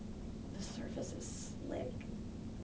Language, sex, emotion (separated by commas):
English, female, neutral